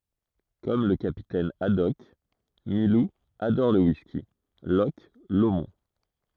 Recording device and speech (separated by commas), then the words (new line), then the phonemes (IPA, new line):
throat microphone, read sentence
Comme le capitaine Haddock, Milou adore le whisky Loch Lomond.
kɔm lə kapitɛn adɔk milu adɔʁ lə wiski lɔʃ lomɔ̃